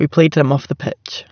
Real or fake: real